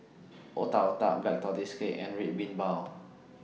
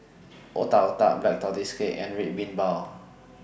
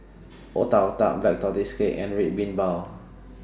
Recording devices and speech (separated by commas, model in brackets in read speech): mobile phone (iPhone 6), boundary microphone (BM630), standing microphone (AKG C214), read sentence